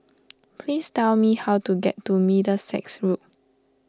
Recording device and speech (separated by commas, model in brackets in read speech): standing microphone (AKG C214), read sentence